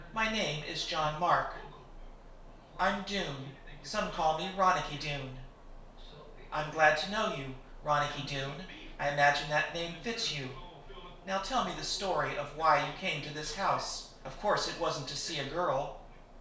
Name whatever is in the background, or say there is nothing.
A television.